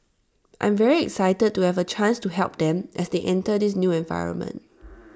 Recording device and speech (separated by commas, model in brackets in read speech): standing microphone (AKG C214), read sentence